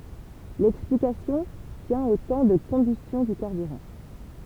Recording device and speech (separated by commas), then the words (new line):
temple vibration pickup, read sentence
L'explication tient au temps de combustion du carburant.